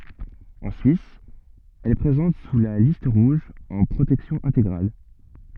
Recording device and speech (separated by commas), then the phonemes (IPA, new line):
soft in-ear microphone, read sentence
ɑ̃ syis ɛl ɛ pʁezɑ̃t syʁ la list ʁuʒ ɑ̃ pʁotɛksjɔ̃ ɛ̃teɡʁal